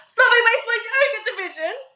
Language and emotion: English, happy